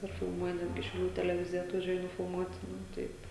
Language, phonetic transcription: Lithuanian, ir filˈmuoja ˈnetgi šiauˈlių teleˈvizija atvaˈžiuoja nufilˈmuot' ˈnu ˈtaip

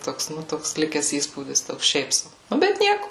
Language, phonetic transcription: Lithuanian, ˈtoks ˈnu ˈtoks ˈlikes ˈįspūdis ˈtoks ˈšiaip ˈsau ˈnu ˈbet ˈnieku

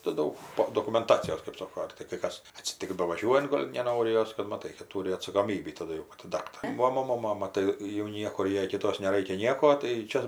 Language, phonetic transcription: Lithuanian, tai ˈdaug ˈpo dokumenˈtacijos kɜp ˈsoko ar tai kai ˈkas atsiˈtiks bavaˈžiuojunt ˈgol' neˈnori ˈjos kad maˈtai kad ˈtūri atsakoˈmybį taˈdu jau paˈti ˈdaktarė ˈva ˈmono ˈmama ˈtai jau ˈniekur ˈjai kiˈtos neˈraikia ˈnieko tai ˈčia

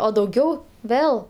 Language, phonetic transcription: Lithuanian, o dauˈgiau ˈvėl

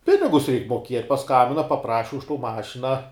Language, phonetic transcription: Lithuanian, ˈpinigus reik moˈkiet' paˈskambina paˈpraši už to ˈmašina

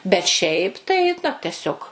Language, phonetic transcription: Lithuanian, bet ˈšiaip ˈtai nu teˈsiog

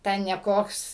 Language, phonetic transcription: Lithuanian, ˈten ne ˈkoks

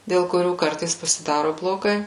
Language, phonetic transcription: Lithuanian, dėl kuˈrių ˈkartais pasiˈdaro bloˈgai

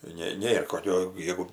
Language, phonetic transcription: Lithuanian, ˈne ˈnėr koˈkio ˈjegu

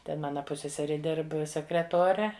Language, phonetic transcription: Lithuanian, ˈten ˈmana ˈpusseseri ˈdirb sekreˈtore

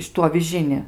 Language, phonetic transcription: Lithuanian, ˈšitu aviˈžini

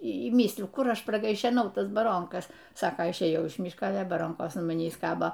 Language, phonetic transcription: Lithuanian, y ˈmysliju ˈkur ˈaš pragaišeˈnau ˈtas baˈronkas ˈsako išˈėjau iš ˈmyška ˈale baˈronkos an maˈnįs ˈkabo

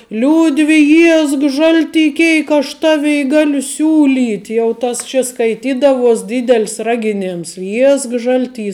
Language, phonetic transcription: Lithuanian, ˈliūdvi ˈjiesk ˈžalˌty ˈkėik aš ˈtavei ˈgaliu ˈsiūˌlyt' jau ˈtas čia skaiˈtydavuos ˈdydel's' ˈragiˌnėms ˈjiesk ˈžalˌty

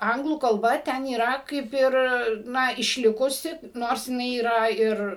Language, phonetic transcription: Lithuanian, ˈanglų kalˈba ˈten yˈra ˈkaip ir ˈna išˈlikusi ˈnors jiˈnai yˈra ˈir

